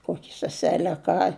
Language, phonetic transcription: Lithuanian, ˈkoki seˈsele a ˈką

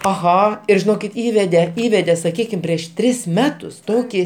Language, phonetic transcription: Lithuanian, aˈha ir žiˈnokit ˈįvede ˈįvede saˈkykim prieš ˈtris ˈmetus ˈtoki

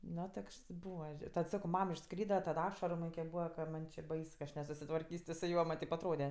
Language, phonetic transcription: Lithuanian, ˈno ˈtokšs ˈbūva tad sako ˈmam išˈskryda tad ˈašaru ˈman' kiek ˈbūva ka ˈman' či ˈbais nesusitvarˈkys' ti su ˈjuo man' ˈteip atˈrode

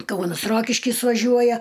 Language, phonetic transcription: Lithuanian, ˈkaunas ˈrokiškis vaˈžiuoja

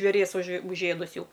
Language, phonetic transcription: Lithuanian, žvėˈries už užˈėdus ˈjau

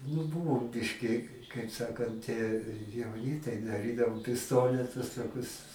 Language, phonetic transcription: Lithuanian, nu ˈbūvom ˈbiški kaip ˈsakant i jauˈni tai daˈrydavom pisˈtonetus toˈkius

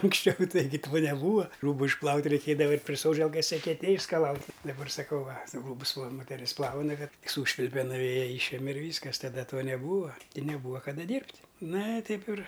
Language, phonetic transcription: Lithuanian, anksˈčiau ˈtaigi to neˈbūva ˈrūbu išˈplaut' reiˈkėdava ˈait' pri ˈsodželkas ekeˈtėj išskaˈlaut' daˈbar saˈkau ˈva ˈrūbus ˈva moteˈris ˈplauna ˈkad ˈsūšvilpe nuˈvėja ˈyšeme ir ˈvyskas taˈda ˈtuo neˈbūva i neˈbūva kaˈda ˈdyrbt' ˈna i ˈtaip ir

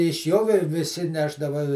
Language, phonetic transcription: Lithuanian, iš ˈjo vi viˈsi ˈnešdava

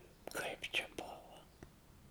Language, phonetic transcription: Lithuanian, kaip čia ˈbuva

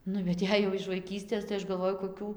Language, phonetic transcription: Lithuanian, ˈnu bet ˈjei jau iš vaiˈkystės tai ˈaš galˈvoju koˈkių

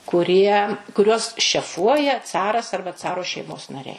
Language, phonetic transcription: Lithuanian, kuˈrie kuˈriuos šeˈfuoja ˈcaras ˈarba ˈcaro šeiˈmos naˈriai

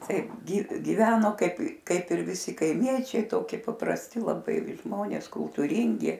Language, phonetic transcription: Lithuanian, ˈtaip ˈgi giˈveno ˈkaip ˈkaip ir viˈsi kaiˈmiečiai ˈtoki paprasˈti laˈbai ˈžmonės kultūˈryngi

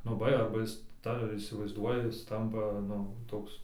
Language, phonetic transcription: Lithuanian, nu ˈba arba ˈjis ta įsivaizˈduoja ˈjis ˈtampa ˈnu ˈtoks

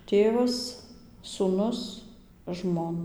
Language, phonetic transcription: Lithuanian, ˈtėvas sūˈnus ˈžmon

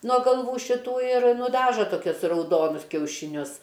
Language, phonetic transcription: Lithuanian, nuo galˈvų šiˈtų ir nuˈdaža toˈkius rauˈdonus kiaušiˈnius

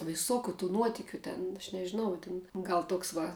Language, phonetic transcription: Lithuanian, viˈsokiu tų ˈnuotikiu ten aš nežiˈnau tin ˈgal ˈtoks ˈva

